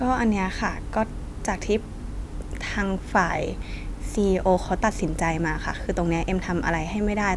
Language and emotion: Thai, frustrated